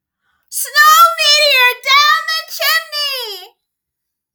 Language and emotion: English, surprised